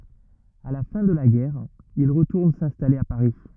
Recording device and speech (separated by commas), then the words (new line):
rigid in-ear microphone, read sentence
À la fin de la guerre, il retourne s'installer à Paris.